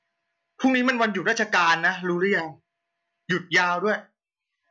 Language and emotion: Thai, frustrated